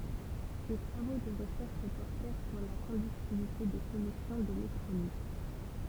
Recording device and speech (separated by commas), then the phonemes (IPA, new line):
temple vibration pickup, read sentence
se tʁavo də ʁəʃɛʁʃ pɔʁtɛʁ syʁ la kɔ̃dyktivite de solysjɔ̃ delɛktʁolit